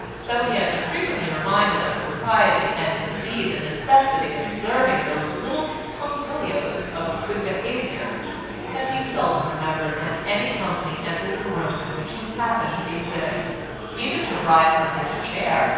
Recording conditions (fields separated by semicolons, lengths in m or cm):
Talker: one person; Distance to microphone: 7.1 m; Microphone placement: far; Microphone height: 1.7 m; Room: very reverberant, large; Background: babble